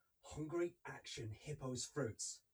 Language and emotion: English, angry